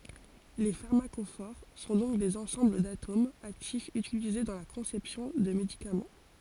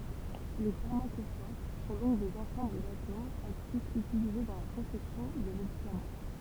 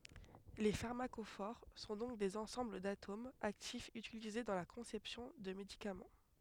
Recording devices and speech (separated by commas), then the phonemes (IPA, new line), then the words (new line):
forehead accelerometer, temple vibration pickup, headset microphone, read sentence
le faʁmakofoʁ sɔ̃ dɔ̃k dez ɑ̃sɑ̃bl datomz aktifz ytilize dɑ̃ la kɔ̃sɛpsjɔ̃ də medikamɑ̃
Les pharmacophores sont donc des ensembles d'atomes actifs utilisés dans la conception de médicaments.